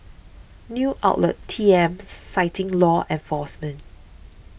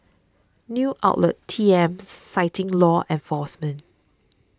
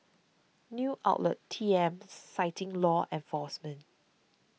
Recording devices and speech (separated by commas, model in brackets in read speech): boundary microphone (BM630), standing microphone (AKG C214), mobile phone (iPhone 6), read sentence